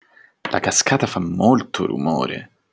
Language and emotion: Italian, surprised